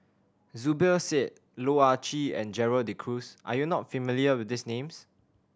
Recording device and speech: standing microphone (AKG C214), read sentence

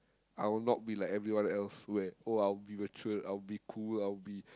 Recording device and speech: close-talking microphone, conversation in the same room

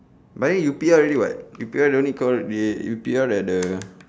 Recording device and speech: standing microphone, conversation in separate rooms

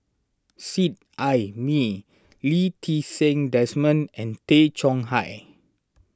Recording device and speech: standing microphone (AKG C214), read sentence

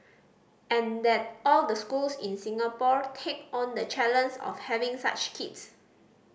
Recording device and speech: boundary microphone (BM630), read sentence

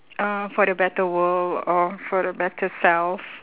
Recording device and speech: telephone, conversation in separate rooms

